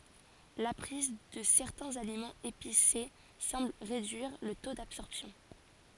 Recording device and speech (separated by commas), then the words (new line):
forehead accelerometer, read sentence
La prise de certains aliments épicés semble réduire le taux d'absorption.